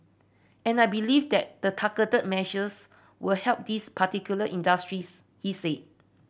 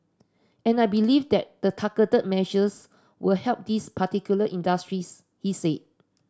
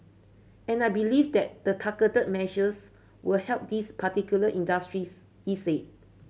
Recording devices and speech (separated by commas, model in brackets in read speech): boundary microphone (BM630), standing microphone (AKG C214), mobile phone (Samsung C7100), read sentence